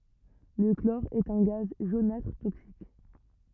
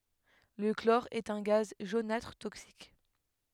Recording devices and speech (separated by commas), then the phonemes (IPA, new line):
rigid in-ear microphone, headset microphone, read sentence
lə klɔʁ ɛt œ̃ ɡaz ʒonatʁ toksik